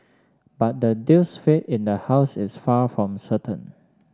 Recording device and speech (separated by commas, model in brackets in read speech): standing microphone (AKG C214), read sentence